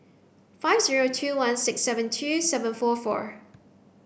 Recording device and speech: boundary microphone (BM630), read sentence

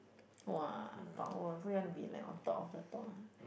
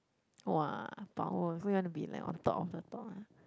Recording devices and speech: boundary microphone, close-talking microphone, conversation in the same room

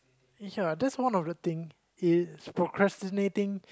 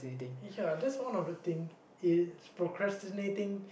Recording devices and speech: close-talking microphone, boundary microphone, conversation in the same room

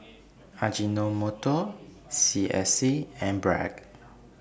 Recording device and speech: boundary microphone (BM630), read sentence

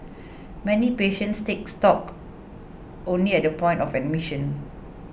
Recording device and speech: boundary microphone (BM630), read sentence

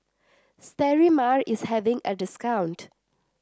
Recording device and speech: standing microphone (AKG C214), read sentence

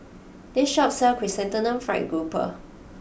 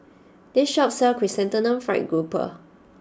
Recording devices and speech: boundary microphone (BM630), standing microphone (AKG C214), read sentence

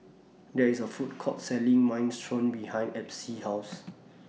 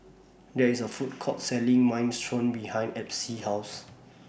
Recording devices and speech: mobile phone (iPhone 6), boundary microphone (BM630), read sentence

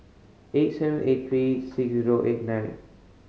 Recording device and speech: mobile phone (Samsung C5010), read sentence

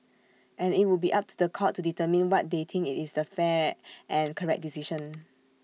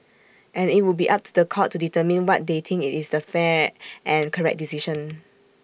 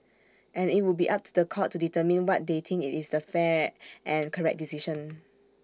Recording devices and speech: mobile phone (iPhone 6), boundary microphone (BM630), standing microphone (AKG C214), read sentence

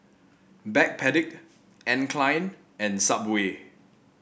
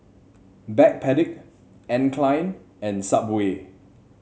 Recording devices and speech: boundary microphone (BM630), mobile phone (Samsung C7), read sentence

